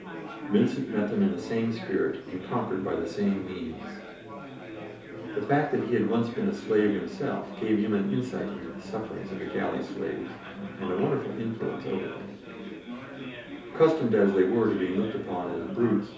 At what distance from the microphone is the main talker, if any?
3.0 m.